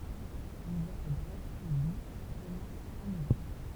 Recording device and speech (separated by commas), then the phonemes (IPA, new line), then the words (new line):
temple vibration pickup, read sentence
livɛʁ ɛ bʁɛf e duz e kɔmɑ̃s fɛ̃ novɑ̃bʁ
L'hiver est bref et doux et commence fin novembre.